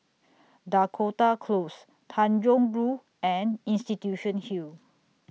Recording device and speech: mobile phone (iPhone 6), read sentence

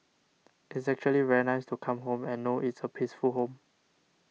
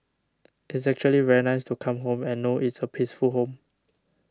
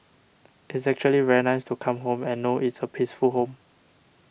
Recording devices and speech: mobile phone (iPhone 6), standing microphone (AKG C214), boundary microphone (BM630), read sentence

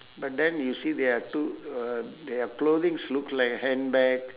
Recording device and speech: telephone, conversation in separate rooms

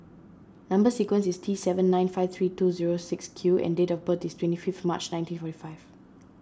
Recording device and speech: standing microphone (AKG C214), read sentence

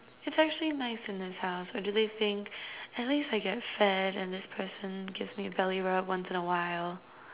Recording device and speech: telephone, conversation in separate rooms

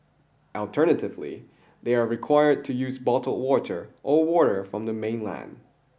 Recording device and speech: boundary microphone (BM630), read sentence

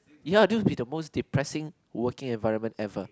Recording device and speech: close-talking microphone, conversation in the same room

